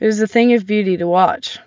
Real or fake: real